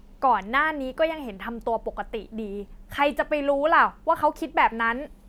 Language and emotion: Thai, angry